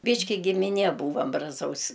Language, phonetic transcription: Lithuanian, ˈbyški gimiˈnie ˈbūvam braˈzaus'

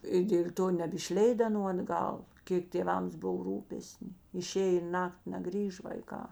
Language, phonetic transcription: Lithuanian, i dėl' ˈto nebišˈleid aˈnų atˈgal ˈkėk tėˈvams ˈbuv ˈrūpesni iˈšėj i ˈnakti neˈgrįž vaiˈkā

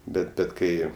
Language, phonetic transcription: Lithuanian, ˈbet ˈbet ˈkai

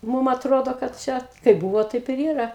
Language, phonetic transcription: Lithuanian, ˈmūm atˈrodo kad ˈčia kaip ˈbuvo taip ir ˈyra

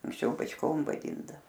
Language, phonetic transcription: Lithuanian, anksˈčiau bačˈkom vaˈdyndavo

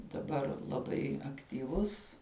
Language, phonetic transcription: Lithuanian, daˈbar laˈbai aktyˈvus

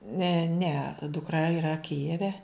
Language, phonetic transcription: Lithuanian, ˈne ˈne dukˈra yˈra ˈkijeve

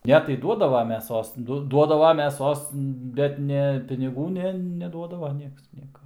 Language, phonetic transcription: Lithuanian, ˈne tai ˈduodava meˈsos ˈdu ˈduodava meˈsos ˈbet ne piniˈgų ˈne neˈduodava ˈnieks ˈnieka

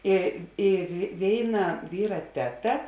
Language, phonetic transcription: Lithuanian, i ir ˈvėiˌna ˈvyra ˈteˌta

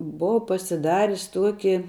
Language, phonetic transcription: Lithuanian, ˈbova pasiˈdaris ˈtuoki

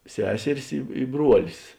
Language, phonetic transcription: Lithuanian, ˈseseris ˈi i ˈbruolis

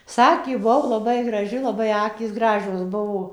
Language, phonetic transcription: Lithuanian, ˈsakė buˈvau laˈbai graˈži laˈbai ˈakys ˈgražios ˈbuvo

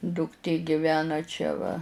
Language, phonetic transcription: Lithuanian, dukˈtė giˈvena ˈčia va

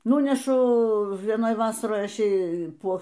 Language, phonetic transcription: Lithuanian, ˈnūnešu vieˈnoj ˈvasaroj ˈaš ˈjai ˈpo

